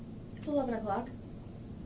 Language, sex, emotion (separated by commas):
English, female, neutral